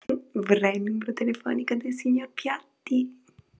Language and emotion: Italian, happy